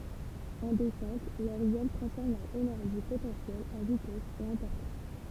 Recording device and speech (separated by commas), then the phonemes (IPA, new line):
temple vibration pickup, read sentence
ɑ̃ dɛsɑ̃t lœʁz ɛl tʁɑ̃sfɔʁm lœʁ enɛʁʒi potɑ̃sjɛl ɑ̃ vitɛs e ɑ̃ pɔʁtɑ̃s